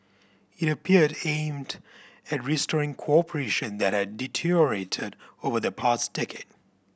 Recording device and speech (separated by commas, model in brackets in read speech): boundary microphone (BM630), read sentence